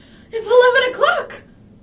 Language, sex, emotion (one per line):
English
female
fearful